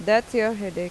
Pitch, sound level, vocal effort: 215 Hz, 89 dB SPL, normal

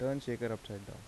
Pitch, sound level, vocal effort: 115 Hz, 81 dB SPL, soft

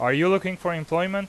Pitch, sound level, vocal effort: 180 Hz, 93 dB SPL, very loud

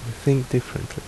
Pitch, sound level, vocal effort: 130 Hz, 71 dB SPL, soft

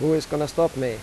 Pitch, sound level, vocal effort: 150 Hz, 90 dB SPL, normal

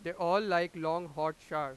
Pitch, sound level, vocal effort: 170 Hz, 101 dB SPL, very loud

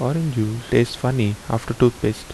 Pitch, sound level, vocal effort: 120 Hz, 75 dB SPL, soft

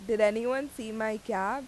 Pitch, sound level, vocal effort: 220 Hz, 89 dB SPL, loud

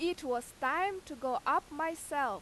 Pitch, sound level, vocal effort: 295 Hz, 93 dB SPL, very loud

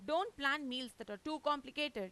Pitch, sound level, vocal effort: 275 Hz, 95 dB SPL, loud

